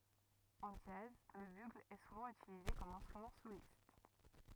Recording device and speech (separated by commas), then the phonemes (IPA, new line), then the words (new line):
rigid in-ear microphone, read sentence
ɑ̃ dʒaz lə byɡl ɛ suvɑ̃ ytilize kɔm ɛ̃stʁymɑ̃ solist
En jazz, le bugle est souvent utilisé comme instrument soliste.